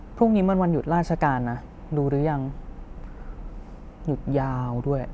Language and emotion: Thai, frustrated